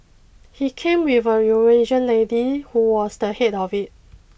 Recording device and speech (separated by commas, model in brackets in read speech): boundary microphone (BM630), read sentence